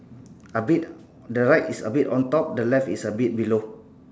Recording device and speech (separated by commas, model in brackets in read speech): standing microphone, conversation in separate rooms